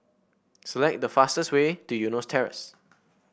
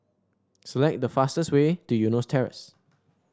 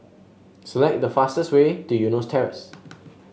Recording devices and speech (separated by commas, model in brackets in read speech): boundary microphone (BM630), standing microphone (AKG C214), mobile phone (Samsung S8), read sentence